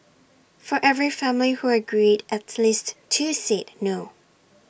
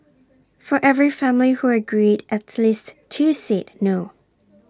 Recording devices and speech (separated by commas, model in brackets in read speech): boundary microphone (BM630), standing microphone (AKG C214), read sentence